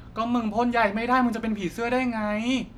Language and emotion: Thai, frustrated